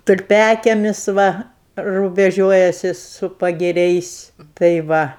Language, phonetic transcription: Lithuanian, tulˈpiakiemis ˈva rubeˈžiuojasi su pagiˈriais tai ˈva

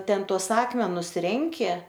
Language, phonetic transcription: Lithuanian, ˈten tuos ˈakmenus ˈrenki

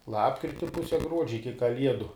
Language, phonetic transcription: Lithuanian, ˈlapkriti ˈpuse ˈgruodžia iki kaˈliedu

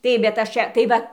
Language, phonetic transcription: Lithuanian, ˈtaip bet ˈaš ˈčia tai ˈva

